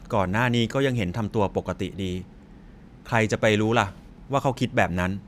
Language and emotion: Thai, neutral